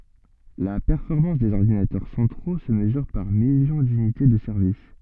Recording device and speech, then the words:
soft in-ear microphone, read sentence
La performance des ordinateurs centraux se mesure par millions d'unités de service.

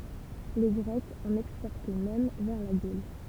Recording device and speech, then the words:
temple vibration pickup, read sentence
Les Grecs en exportaient même vers la Gaule.

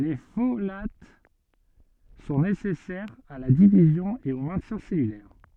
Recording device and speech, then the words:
soft in-ear microphone, read sentence
Les folates sont nécessaires à la division et au maintien cellulaire.

